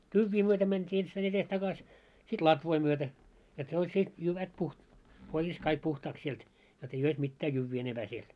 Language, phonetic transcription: Finnish, 'tyvvii myötä mänt́ii 'enstäin ‿etes takas , sit "latvoi myötä , et ne oĺ se , 'jyvät puh- , 'korjas kaik 'puhtaaks sielt , jot ei "ois 'mittää 'jyvvii enemʙää siel .
- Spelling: tyvien myötä mentiin ensittäin edes takaisin sitten latvoi myötä että ne oli se jyvät - korjasi kaikki puhtaaksi sieltä jotta ei olisi mitään jyviä enempää siellä

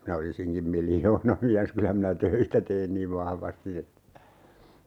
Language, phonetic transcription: Finnish, minä 'olisiŋkim "miljoona'miäs kylä minä "töitä tein niiv 'vahvasti (että) , .
- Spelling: minä olisinkin miljoonamies kyllä minä töitä tein niin vahvasti että

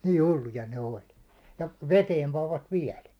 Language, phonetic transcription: Finnish, nii 'hulluja ne 'oĺ , ja 'veteeni pavvat 'viɛl .
- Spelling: niin hulluja ne oli ja veteen panivat vielä

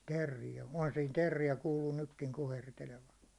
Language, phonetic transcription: Finnish, 'terrijä , ohan siin terrijä 'kuuluu 'nykkiŋ 'kuhertelevan .
- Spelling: teeriä onhan siinä teeriä kuuluu nytkin kuhertelevan

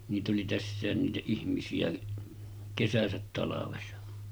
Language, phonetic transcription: Finnish, niit ‿oli 'tässä̀en niitä 'ihmisi₍ä , 'kesäsät talavesa .
- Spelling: niitä oli tässäkin niitä ihmisiä kesänsä talvensa

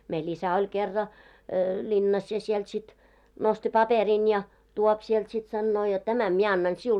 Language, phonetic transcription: Finnish, mei'l ‿isä oĺ kerra , 'ĺinnas ja sielt sit , nosti 'paperin ja , 'tuop siɛlt sit sannoo jot » 'tämäm 'mie 'annan "siul « .
- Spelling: meillä isä oli kerran linnassa ja sieltä sitten nosti paperin ja tuo sieltä sitten sanoo jotta tämän minä annan sinulle

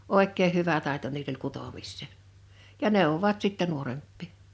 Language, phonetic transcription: Finnish, òekkeeʰ 'hyvä 'tàeto niil ‿oĺ 'kutomissè , ja 'nèowwovat sittɛ 'nuoremppì .
- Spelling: oikein hyvä taito niillä oli kutomiseen ja neuvoivat sitten nuorempia

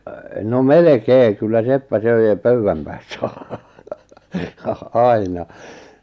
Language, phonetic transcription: Finnish, no "melekee 'kyllä "seppä "söi ʿjaʾ "pöywwäm päässä , "aina .
- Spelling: no melkein kyllä seppä söi ja pöydän päässä aina

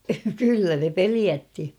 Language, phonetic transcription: Finnish, 'kyllä ne "peliätti !
- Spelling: kyllä ne pelotti

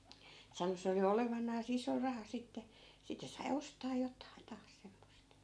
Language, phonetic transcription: Finnish, 'sano se oli "olevan̆naa's ‿iso 'raha sitte , 'sittᵉ sai 'ostaa 'jot̀ain 'taas semmost .
- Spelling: sanoi se oli olevinansa iso raha sitten sitten sai ostaa jotakin taas semmoista

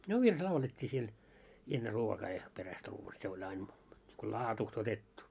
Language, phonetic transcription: Finnish, no 'virs "laulet́t́ii siel , enne 'ruokaa ja , 'peräst ruuva se oĺ ain , ko "laatuust otettu .
- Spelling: no virsi laulettiin siellä ennen ruokaa ja perästä ruoan se oli aina kuin laadusta otettu

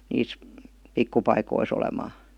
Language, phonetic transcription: Finnish, 'niis , 'pikkupaikois ‿olemaa .
- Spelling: niissä pikkupaikoissa olemaan

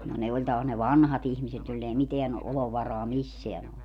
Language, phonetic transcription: Finnish, no 'ne oĺ taas ne "vanhat ‿ihmiset joill ‿ei "miteän , 'ʼolovarɔa "misseän ‿ole .
- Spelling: no ne oli taas ne vanhat ihmiset joilla ei mitään olovaraa missään ole

